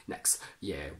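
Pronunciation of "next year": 'Next year' is said here with a glottal stop, which is a way nobody would actually say it.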